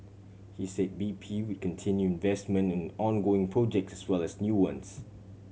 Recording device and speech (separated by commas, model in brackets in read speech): mobile phone (Samsung C7100), read sentence